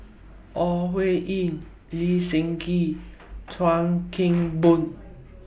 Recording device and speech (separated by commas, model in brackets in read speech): boundary microphone (BM630), read sentence